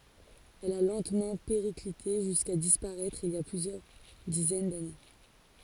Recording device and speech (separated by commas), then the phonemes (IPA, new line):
forehead accelerometer, read sentence
ɛl a lɑ̃tmɑ̃ peʁiklite ʒyska dispaʁɛtʁ il i a plyzjœʁ dizɛn dane